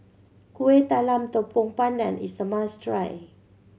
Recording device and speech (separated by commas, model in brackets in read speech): mobile phone (Samsung C7100), read sentence